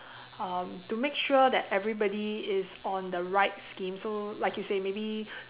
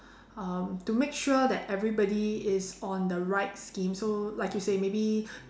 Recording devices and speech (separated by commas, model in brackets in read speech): telephone, standing microphone, conversation in separate rooms